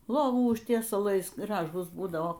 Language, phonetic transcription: Lithuanian, ˈlovų užtiesaˈlais ˈgražūs ˈbūdavo

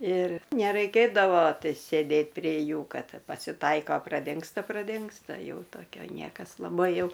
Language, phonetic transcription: Lithuanian, ir neˈraikėdavo ˈtai sėˈdėt prė ˈjų ˈkad pasiˈtaiko praˈdingsta praˈdingsta ˈjau toˈkio ˈniekas laˈbai ˈjau

